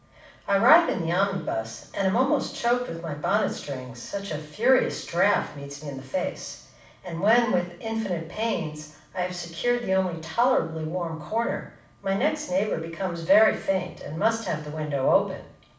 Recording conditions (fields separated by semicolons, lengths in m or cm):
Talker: one person; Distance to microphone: 5.8 m; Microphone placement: far; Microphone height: 1.8 m; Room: medium-sized (5.7 m by 4.0 m); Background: none